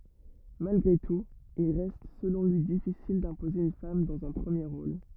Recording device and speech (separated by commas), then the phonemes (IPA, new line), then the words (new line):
rigid in-ear microphone, read sentence
malɡʁe tut il ʁɛst səlɔ̃ lyi difisil dɛ̃poze yn fam dɑ̃z œ̃ pʁəmje ʁol
Malgré tout, il reste selon lui difficile d'imposer une femme dans un premier rôle.